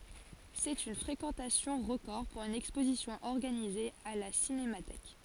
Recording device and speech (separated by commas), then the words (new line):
forehead accelerometer, read sentence
C'est une fréquentation record pour une exposition organisée à la Cinémathèque.